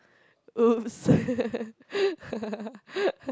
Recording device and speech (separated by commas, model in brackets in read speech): close-talking microphone, conversation in the same room